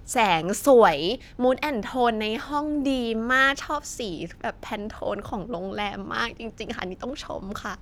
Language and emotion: Thai, happy